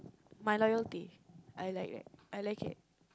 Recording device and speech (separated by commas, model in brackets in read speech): close-talking microphone, conversation in the same room